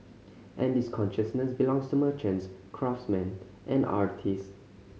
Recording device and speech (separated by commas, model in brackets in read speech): mobile phone (Samsung C5010), read sentence